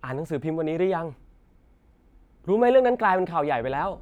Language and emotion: Thai, happy